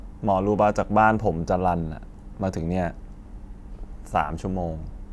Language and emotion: Thai, frustrated